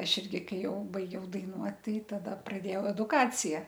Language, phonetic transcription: Lithuanian, ˈaš ˈirgi ˈkai ˈjau baiˈgiau daiˈnuot ˈtai ˈtada praˈdėjau edukˈacija

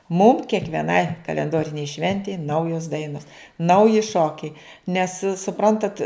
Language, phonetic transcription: Lithuanian, mum kiekvieˈnai kalenˈdorinei ˈšventei ˈnaujos ˈdainos ˈnauji ˈšokiai nes suˈprantat

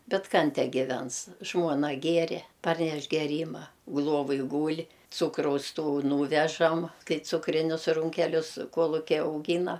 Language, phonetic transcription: Lithuanian, ˈbet ˈkan ˈtę giˈvens ˈžmuona ˈgiere ˈparneš geˈryma ˈluovoj ˈgūl' ˈcūkraus ˈtų ˈnūvežam ˈkai ˈcukrinius ˈrūnkelius ˈkuolukiai auˈgyna

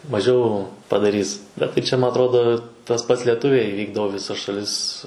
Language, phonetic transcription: Lithuanian, maˈžiau padaˈrys ˈbet tai ˈčia ˈma atˈrodo tas ˈpats leˈtuviai ˈvykdavo i viˈsas šaˈlis

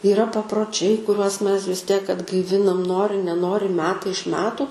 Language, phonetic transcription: Lithuanian, yˈra paproˈčiai kuˈriuos ˈmes vis ˈtiek atgaiˈvinam ˈnori neˈnori ˈmetai iš ˈmetu

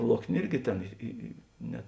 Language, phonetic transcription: Lithuanian, ˈloknė ˈirgi ˈtėn ˈi i i ˈne

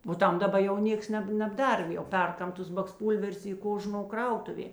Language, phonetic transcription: Lithuanian, o ˈtam daˈba jau ˈnėks ˈneb nebˈdar jau ˈperˌkam ˈtus baksˈpūlverius ˈy ˈkoˌžno ˈkrautuvė

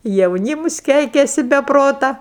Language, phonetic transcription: Lithuanian, jauˈnymus ˈkeikiasi be ˈprota

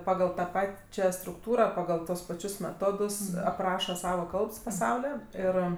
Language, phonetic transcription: Lithuanian, ˈpagal ta ˈpačia strukˈtūra pagal ˈtuos paˈčius meˈtodus apˈraša ˈsava ˈkalbs paˈsaulio ˈir

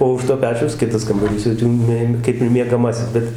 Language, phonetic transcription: Lithuanian, o už to ˈpečiaus ˈkitas kambaˈrys jau ˈtį mė ˈkaip ir miegaˈmasis ˈbet

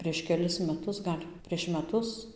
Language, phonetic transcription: Lithuanian, prieš keˈlis meˈtus ˈgal' prieš meˈtus

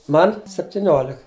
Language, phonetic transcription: Lithuanian, ˈman septiˈniolik

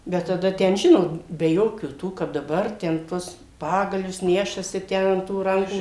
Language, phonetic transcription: Lithuanian, bet taˈda ˈten ˈžinot be ˈjokių tų kap daˈbar ten ˈtuos ˈpagalius ˈnešasi ˈtę an tų ˈrankų

